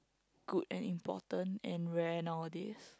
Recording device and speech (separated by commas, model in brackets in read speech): close-talking microphone, conversation in the same room